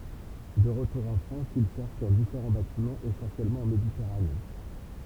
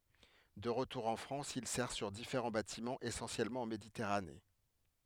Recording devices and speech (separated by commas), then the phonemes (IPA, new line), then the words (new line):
temple vibration pickup, headset microphone, read sentence
də ʁətuʁ ɑ̃ fʁɑ̃s il sɛʁ syʁ difeʁɑ̃ batimɑ̃z esɑ̃sjɛlmɑ̃ ɑ̃ meditɛʁane
De retour en France, il sert sur différents bâtiments essentiellement en Méditerranée.